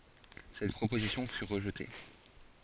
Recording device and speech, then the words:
forehead accelerometer, read sentence
Cette proposition fut rejetée.

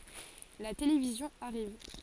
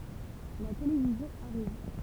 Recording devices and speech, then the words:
forehead accelerometer, temple vibration pickup, read sentence
La télévision arrive.

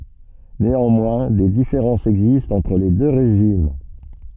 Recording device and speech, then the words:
soft in-ear microphone, read sentence
Néanmoins, des différences existent entre les deux régimes.

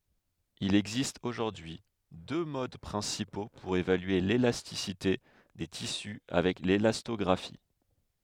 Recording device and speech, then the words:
headset microphone, read sentence
Il existe aujourd'hui deux modes principaux pour évaluer l'élasticité des tissus avec l'élastographie.

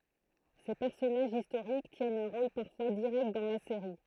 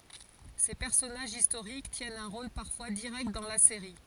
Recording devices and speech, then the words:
throat microphone, forehead accelerometer, read sentence
Ces personnages historiques tiennent un rôle parfois direct dans la série.

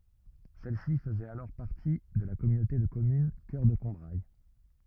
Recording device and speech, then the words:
rigid in-ear microphone, read sentence
Celle-ci faisait alors partie de la communauté de communes Cœur de Combrailles.

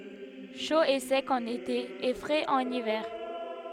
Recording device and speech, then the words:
headset microphone, read sentence
Chaud et sec en été et frais en hiver.

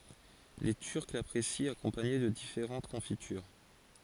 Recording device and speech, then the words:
forehead accelerometer, read sentence
Les Turcs l'apprécient accompagné de différentes confitures.

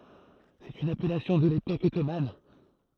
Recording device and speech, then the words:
throat microphone, read sentence
C'est une appellation de l'époque ottomane.

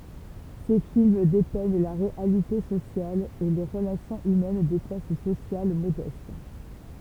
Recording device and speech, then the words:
temple vibration pickup, read sentence
Ses films dépeignent la réalité sociale et les relations humaines des classes sociales modestes.

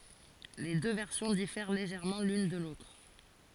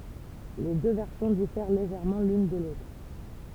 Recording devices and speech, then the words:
forehead accelerometer, temple vibration pickup, read sentence
Les deux versions diffèrent légèrement l’une de l’autre.

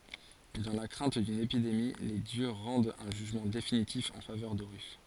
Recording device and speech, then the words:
forehead accelerometer, read sentence
Dans la crainte d'une épidémie, les dieux rendent un jugement définitif en faveur d'Horus.

